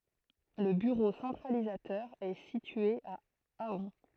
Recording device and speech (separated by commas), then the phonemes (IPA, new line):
throat microphone, read sentence
lə byʁo sɑ̃tʁalizatœʁ ɛ sitye a aœ̃